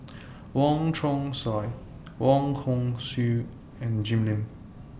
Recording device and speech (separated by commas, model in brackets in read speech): boundary microphone (BM630), read sentence